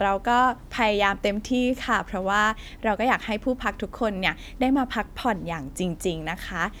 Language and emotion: Thai, happy